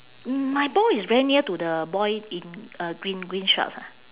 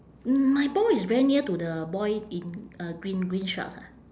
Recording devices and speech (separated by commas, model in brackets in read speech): telephone, standing microphone, conversation in separate rooms